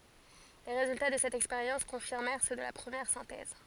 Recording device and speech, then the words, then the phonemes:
forehead accelerometer, read sentence
Les résultats de cette expérience confirmèrent ceux de la première synthèse.
le ʁezylta də sɛt ɛkspeʁjɑ̃s kɔ̃fiʁmɛʁ sø də la pʁəmjɛʁ sɛ̃tɛz

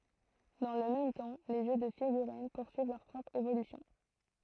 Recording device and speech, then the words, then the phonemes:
throat microphone, read sentence
Dans le même temps, les jeux de figurines poursuivent leur propre évolution.
dɑ̃ lə mɛm tɑ̃ le ʒø də fiɡyʁin puʁsyiv lœʁ pʁɔpʁ evolysjɔ̃

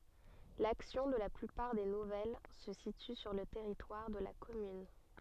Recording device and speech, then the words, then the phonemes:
soft in-ear microphone, read sentence
L'action de la plupart des nouvelles se situe sur le territoire de la commune.
laksjɔ̃ də la plypaʁ de nuvɛl sə sity syʁ lə tɛʁitwaʁ də la kɔmyn

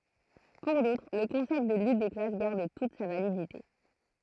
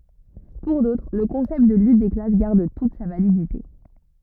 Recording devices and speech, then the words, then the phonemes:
throat microphone, rigid in-ear microphone, read sentence
Pour d'autres, le concept de lutte des classes garde toute sa validité.
puʁ dotʁ lə kɔ̃sɛpt də lyt de klas ɡaʁd tut sa validite

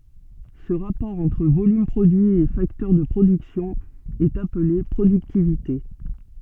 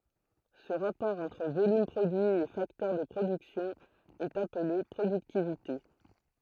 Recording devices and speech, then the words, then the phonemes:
soft in-ear microphone, throat microphone, read sentence
Ce rapport entre volume produit et facteur de production est appelé productivité.
sə ʁapɔʁ ɑ̃tʁ volym pʁodyi e faktœʁ də pʁodyksjɔ̃ ɛt aple pʁodyktivite

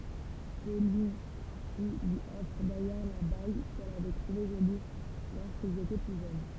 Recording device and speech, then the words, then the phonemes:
temple vibration pickup, read sentence
Celui-ci lui offre d'ailleurs la bague qu'elle avait trouvée jolie lorsqu'ils étaient plus jeunes.
səlyi si lyi ɔfʁ dajœʁ la baɡ kɛl avɛ tʁuve ʒoli loʁskilz etɛ ply ʒøn

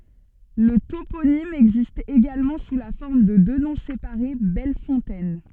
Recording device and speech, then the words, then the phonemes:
soft in-ear microphone, read sentence
Le toponyme existe également sous la forme de deux noms séparés Belle Fontaine.
lə toponim ɛɡzist eɡalmɑ̃ su la fɔʁm də dø nɔ̃ sepaʁe bɛl fɔ̃tɛn

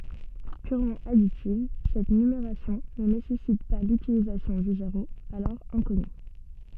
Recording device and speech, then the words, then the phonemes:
soft in-ear microphone, read sentence
Purement additive, cette numération ne nécessite pas l'utilisation du zéro, alors inconnu.
pyʁmɑ̃ aditiv sɛt nymeʁasjɔ̃ nə nesɛsit pa lytilizasjɔ̃ dy zeʁo alɔʁ ɛ̃kɔny

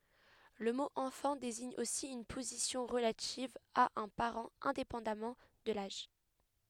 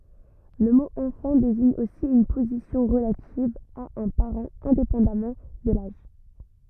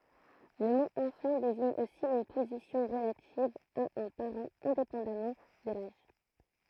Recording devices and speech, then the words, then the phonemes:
headset microphone, rigid in-ear microphone, throat microphone, read sentence
Le mot enfant désigne aussi une position relative à un parent, indépendamment de l'âge.
lə mo ɑ̃fɑ̃ deziɲ osi yn pozisjɔ̃ ʁəlativ a œ̃ paʁɑ̃ ɛ̃depɑ̃damɑ̃ də laʒ

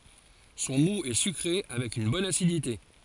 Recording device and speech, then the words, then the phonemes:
forehead accelerometer, read sentence
Son moût est sucré avec une bonne acidité.
sɔ̃ mu ɛ sykʁe avɛk yn bɔn asidite

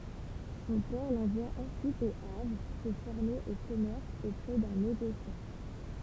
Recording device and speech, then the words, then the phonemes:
temple vibration pickup, read sentence
Son père l'envoie ensuite au Havre se former au commerce auprès d'un négociant.
sɔ̃ pɛʁ lɑ̃vwa ɑ̃syit o avʁ sə fɔʁme o kɔmɛʁs opʁɛ dœ̃ neɡosjɑ̃

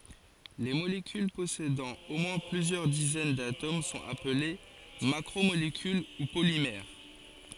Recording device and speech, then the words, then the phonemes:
forehead accelerometer, read sentence
Les molécules possédant au moins plusieurs dizaines d'atomes sont appelées macromolécules ou polymères.
le molekyl pɔsedɑ̃ o mwɛ̃ plyzjœʁ dizɛn datom sɔ̃t aple makʁomolekyl u polimɛʁ

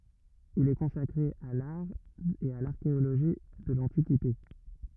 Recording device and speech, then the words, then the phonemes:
rigid in-ear microphone, read sentence
Il est consacré à l'art et à l'archéologie de l'Antiquité.
il ɛ kɔ̃sakʁe a laʁ e a laʁkeoloʒi də lɑ̃tikite

